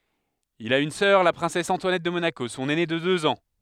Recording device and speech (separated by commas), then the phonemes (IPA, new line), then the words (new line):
headset microphone, read sentence
il a yn sœʁ la pʁɛ̃sɛs ɑ̃twanɛt də monako sɔ̃n ɛne də døz ɑ̃
Il a une sœur, la princesse Antoinette de Monaco, son aînée de deux ans.